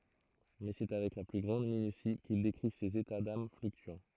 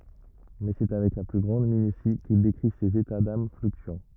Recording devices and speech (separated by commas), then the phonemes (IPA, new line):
throat microphone, rigid in-ear microphone, read sentence
mɛ sɛ avɛk la ply ɡʁɑ̃d minysi kil dekʁi sez eta dam flyktyɑ̃